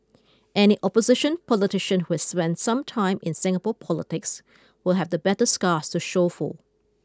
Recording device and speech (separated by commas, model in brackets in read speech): close-talking microphone (WH20), read sentence